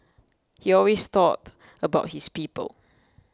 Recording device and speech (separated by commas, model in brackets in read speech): close-talking microphone (WH20), read sentence